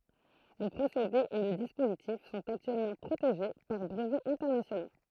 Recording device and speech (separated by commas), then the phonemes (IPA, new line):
throat microphone, read sentence
lə pʁosede e lə dispozitif sɔ̃t aktyɛlmɑ̃ pʁoteʒe paʁ bʁəvɛz ɛ̃tɛʁnasjono